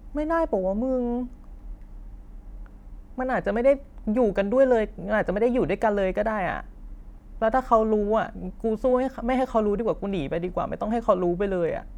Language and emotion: Thai, frustrated